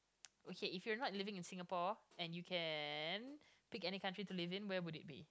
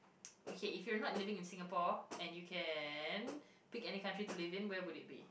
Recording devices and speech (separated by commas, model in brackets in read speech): close-talking microphone, boundary microphone, conversation in the same room